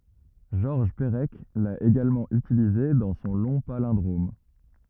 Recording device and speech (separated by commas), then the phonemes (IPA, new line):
rigid in-ear microphone, read sentence
ʒɔʁʒ pəʁɛk la eɡalmɑ̃ ytilize dɑ̃ sɔ̃ lɔ̃ palɛ̃dʁom